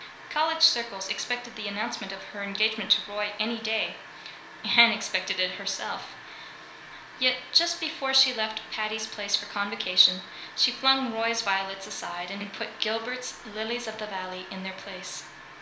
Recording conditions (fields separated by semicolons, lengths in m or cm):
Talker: one person; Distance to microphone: 1.0 m; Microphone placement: close; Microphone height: 1.1 m; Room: small (3.7 m by 2.7 m); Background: music